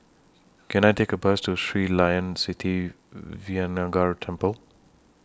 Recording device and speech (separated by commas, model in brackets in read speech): standing microphone (AKG C214), read sentence